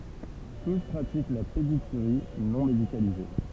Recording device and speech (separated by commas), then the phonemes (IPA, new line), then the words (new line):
temple vibration pickup, read sentence
tus pʁatik la pedikyʁi nɔ̃ medikalize
Tous pratiquent la pédicurie non médicalisée.